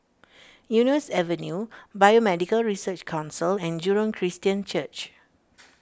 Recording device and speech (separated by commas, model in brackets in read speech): standing microphone (AKG C214), read sentence